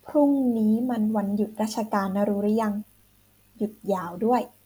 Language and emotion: Thai, neutral